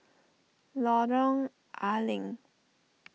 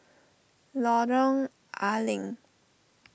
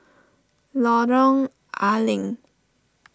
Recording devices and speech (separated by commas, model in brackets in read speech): mobile phone (iPhone 6), boundary microphone (BM630), standing microphone (AKG C214), read sentence